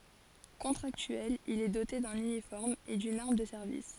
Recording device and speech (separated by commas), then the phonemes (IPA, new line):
forehead accelerometer, read sentence
kɔ̃tʁaktyɛl il ɛ dote dœ̃n ynifɔʁm e dyn aʁm də sɛʁvis